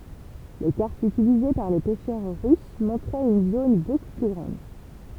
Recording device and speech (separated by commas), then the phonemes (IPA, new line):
temple vibration pickup, read sentence
le kaʁtz ytilize paʁ le pɛʃœʁ ʁys mɔ̃tʁɛt yn zon boku ply ɡʁɑ̃d